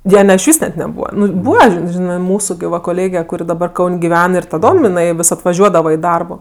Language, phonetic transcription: Lithuanian, ˈjo ne išˈvys net neˈbūva ˈnu ˈbūva ži ˈžinɜ ˈmūsu gi ˈva koˈlėge kuˈri daˈbar ˈkaun' giˈven ir taˈdom iˈnai vis atvaˈžiuodava i ˈdarbo

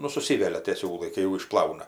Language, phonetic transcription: Lithuanian, nu suˈsivelia tė ˈsiūlai kai jau išˈplauna

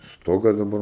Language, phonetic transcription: Lithuanian, ˈstoga daˈbar

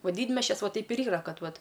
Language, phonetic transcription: Lithuanian, o ˈdydmesčias ˈvo ˈteip ir ˈyra ˈkad ˈvat

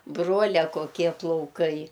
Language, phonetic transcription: Lithuanian, ˈbruolia koˈkie plauˈkai

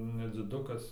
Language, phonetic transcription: Lithuanian, nedziˈdukas

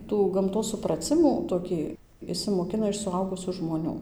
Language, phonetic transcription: Lithuanian, ˈtų gamˈtos supraˈcimų toˈkį išsimoˈkina iš suˈaugusių žmoˈnių

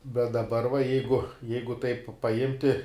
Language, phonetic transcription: Lithuanian, bet daˈbar va ˈjeigu ˈjeigu taip paˈimti

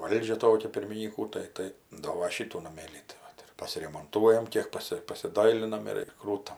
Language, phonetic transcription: Lithuanian, ˈvaldžia ˈtokia pirminyˈkų tai ˈtai ˈdo va ˈšytų naˈmėlį tai ˈvat ir pasiremonˈtuojam ˈkiek ˈpasi pasiˈdailinam ir ir ˈkrūtam

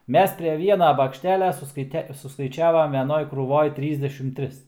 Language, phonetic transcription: Lithuanian, ˈmes pre ˈviena bakšˈtelia suskaiˈte suskaiˈčiavam veˈnoj krūˈvoj ˈtrysdešim ˈtris

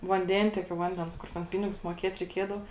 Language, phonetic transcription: Lithuanian, vanˈdentiekio ˈvandens ˈkur ten ˈpinigus muoˈkiet reiˈkiedava

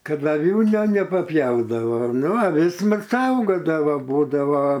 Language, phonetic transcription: Lithuanian, ˈkad aˈvių ne neˈpapjaudavo ˈnu aˈvis ˈmat ˈsaugodavo ˈbūdavo

